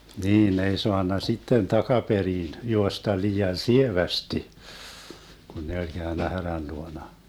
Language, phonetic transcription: Finnish, 'niin ne ei 'soanna 'sitten 'takaperiin , 'juosta 'lii₍an "sievästi , Gun ne oĺ 'Gäönnä 'härän 'luona .
- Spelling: niin ne ei saanut sitten takaperin juosta liian sievästi kun ne oli käynyt härän luona

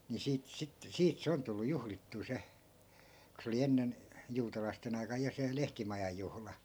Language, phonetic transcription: Finnish, ni 'siit sit- , 'siit se on tullu "juhlittuu se , ku se oli 'ennen , 'juutalaisten ‿ai̮kaj ja 'se 'lehtimajaj̆ juhla .
- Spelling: niin siitä - siitä se on tullut juhlittua se kun se oli ennen juutalaisten aikana ja se lehtimajan juhla

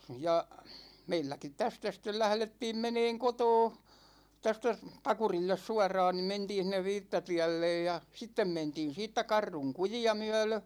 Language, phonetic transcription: Finnish, 'ja , 'meilläkit 'tästä stel 'lählettiim 'meneeŋ 'kotoo , 'tästä s- , 'Pakurilles "suar̀aan ni 'mentiin̬ sĭn̆nev "viittatiällej ja , 'sittem 'mentiin siittä 'Karruŋ "kuji₍a 'myä̭lö ,.
- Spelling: ja meilläkin tästä sitten lähdettiin menemään kotoa tästä - Pakurille suoraan niin mentiin sinne viittatielle ja sitten mentiin siitä Kartun kujia myöden

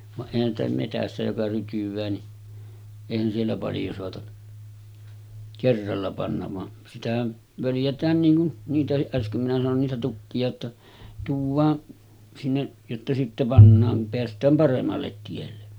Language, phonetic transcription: Finnish, vaˀ 'ˀèihän ‿stä metässä joka 'rytyv̀ää ni , 'èihän siellä paljo soata , 'kerralla pannav van , sitähän , 'völjät̀ään niiŋ kun , 'niitähiˀ ˀäsköm minä sanon niitä 'tukki₍a ‿tta , tuuv̆vaa , sinne , jotta sitte 'pannaaŋ kum 'peäst̀ääm 'paremmallet tielle .
- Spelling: vaan eihän sitä metsässä joka rytyää niin eihän siellä paljon saata kerralla panna vaan sitähän völjätään niin kuin niitäkin äsken minä sanoin niitä tukkia jotta tuodaan sinne jotta sitten pannaan kun päästään paremmalle tielle

